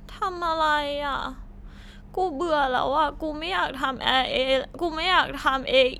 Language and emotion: Thai, sad